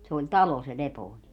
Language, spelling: Finnish, se oli talo se Lepooni
- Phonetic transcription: se oĺ "talo se 'Lepooni .

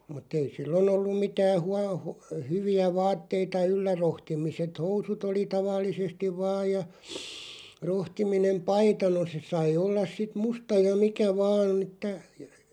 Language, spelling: Finnish, mutta ei silloin ollut mitään - - hyviä vaatteita yllä rohtimiset housut oli tavallisesti vain ja rohtiminen paita no se sai olla sitten musta ja mikä vain että
- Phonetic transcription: mut'ᵗ ‿ei "sillon ‿olluᵐ 'mitää 'hua- , hu- 'hyvi₍ä "vaatteita 'yllä 'rohtimiset "housut ‿oli 'tavallisestiᵛ 'vaaj ja , 'rohtiminem "paita no se 'sai 'ollas sit "musta ja 'mikä 'vaan ‿ᵉttä ,.

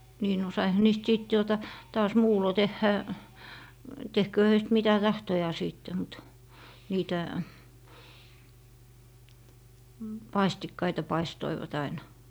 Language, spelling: Finnish, niin no saihan niistä sitten tuota taas muulloin tehdä tehköön heistä mitä tahtoo sitten mutta niitä
- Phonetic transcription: nii no saiha 'niist 'sìt tuota , taas "muulo 'tehhä , 'tehköö 'höist mitä "tahtojaa 'sìtte mut , niitä ,

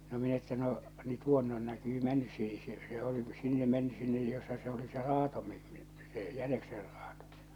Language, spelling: Finnish, no minä että no niin tuonne on näkyy mennyt siihen se se oli sinne mennyt sinne jossa se oli se raato - - se jäniksen raato
- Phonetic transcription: no min ‿että no , ni 'tuonne on näkyy 'mɛnnys siihe se se oli 'sinne mennys 'sinne jossa se oli se "raato mi- mi- , se "jänekser 'raatᴏ .

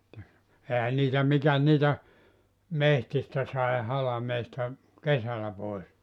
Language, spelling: Finnish, sitten eihän niitä mikäs niitä metsistä sai halmeesta kesällä pois
- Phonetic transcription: [sit]te , 'ehä niitä 'mikäs niitä , "mehtistä sai 'halameesta , "kesälä 'pois .

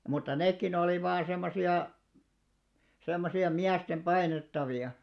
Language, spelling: Finnish, mutta nekin oli vain semmoisia semmoisia miesten painettavia
- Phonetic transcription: mutta 'nèkkin ‿olì vaan 'semmosi₍a , 'semmosi₍a "miästem 'ʙainettavi₍a .

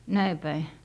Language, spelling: Finnish, näin päin
- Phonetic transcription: näi päi .

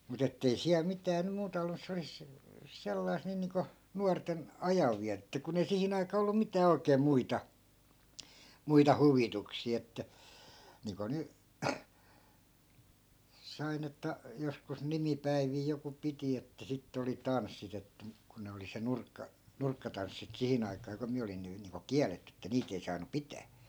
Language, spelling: Finnish, mutta että ei siellä mitään nyt muuta ollut että se olisi sellaista niin niin kuin nuorten ajanvietettä kun ei siihen aikaa ollut mitään oikein muita muita huvituksia että niin kuin nyt sain että joskus nimipäiviä joku piti että sitten oli tanssit että mutta kun ne oli se - nurkkatanssit siihen aikaan kun minä olin nyt niin kuin kielletty että niitä ei saanut pitää
- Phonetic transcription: mu't ‿ettei , "siäl 'mitää nym̆ 'muuta ollu (et) se 'olis , 'sellai̮sᵗ 'nii niiŋko , 'nuarten , "ajavviätettä kun ‿ei "sihin ‿aikaa ollu 'mitää 'oikee 'muita , 'muita "huvituksì että , niiŋko 'ny , 'sain ‿että , joskus 'nimipäivii 'joku 'piti että 'sittᵉ oli "tanssit ‿että muk ku ne 'oli se "nurkka- , "nurkkatanssit 'sihin ‿aikaa ku 'miä olin̆ ny niiŋko "kiäletty että 'niit ‿ei saanu "pitää .

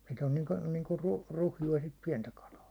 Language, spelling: Finnish, sitten on niin kuin niin kuin - ruhjua sitten pientä kalaa
- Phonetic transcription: sit ‿on 'niiŋku , niiŋku 'ruh- , 'ruhju₍a sit 'piɛntä kalaa .

